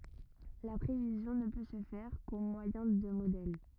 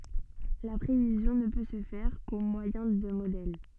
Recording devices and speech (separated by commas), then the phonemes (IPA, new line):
rigid in-ear microphone, soft in-ear microphone, read sentence
la pʁevizjɔ̃ nə pø sə fɛʁ ko mwajɛ̃ də modɛl